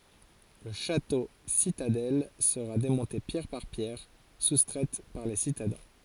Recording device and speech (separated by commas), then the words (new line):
forehead accelerometer, read sentence
Le château-citadelle sera démonté pierre par pierre, soustraites par les citadins.